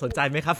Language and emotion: Thai, happy